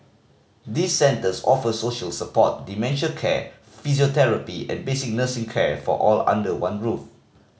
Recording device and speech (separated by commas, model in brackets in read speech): mobile phone (Samsung C5010), read sentence